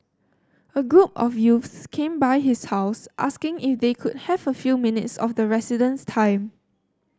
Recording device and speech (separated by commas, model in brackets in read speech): standing microphone (AKG C214), read sentence